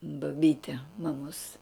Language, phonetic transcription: Lithuanian, baˈbyti maˈmos

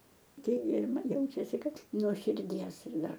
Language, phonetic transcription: Lithuanian, ˈkiek gi ir ˈman ˈjaučiasi ˈkad nuo širˈdies ir ˈdar

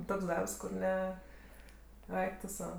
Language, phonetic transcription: Lithuanian, ˈtoks ˈdarbs kur ˈne ˈaik tu ˈsau

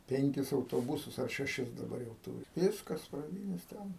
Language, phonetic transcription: Lithuanian, ˈpenkis autoˈbusus ar šeˈšis daˈbar jau ˈtūri ˈviskas praˈdynės ˈten

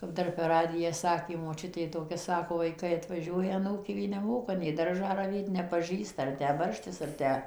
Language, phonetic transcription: Lithuanian, kap ˈdar per ˈradiją ˈsakė moˈčiutė toˈkia ˈsako vaiˈkai atvaˈžiuoja aˈnūkė ˈji neˈmoka nei ˈdaržą raˈvėt nepaˈžįsta ar ˈtę ˈbarštis ar ˈtę

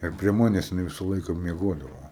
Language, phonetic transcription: Lithuanian, ir prie ˈmanes jiˈnai ˈvisa ˈlaika mieˈgodavo

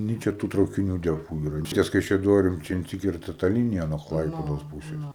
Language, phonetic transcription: Lithuanian, ˈnei čia tu traukiˈnių ˈdepu ˈyra ˈties kaišiaˈdorim ˈčia insiˈkirta ta ˈlinija nuo ˈklaipedos ˈpūses

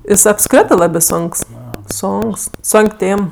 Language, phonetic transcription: Lithuanian, ˈjis apˈskritɜ ˈlabė ˈsonks ˈsonks ˈsonk' ˈtėm

